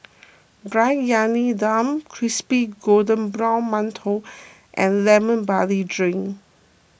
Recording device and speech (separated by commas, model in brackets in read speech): boundary microphone (BM630), read sentence